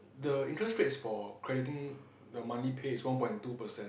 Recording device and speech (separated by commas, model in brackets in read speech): boundary microphone, conversation in the same room